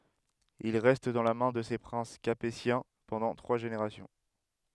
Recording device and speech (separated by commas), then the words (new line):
headset microphone, read sentence
Il reste dans la main de ces princes capétiens pendant trois générations.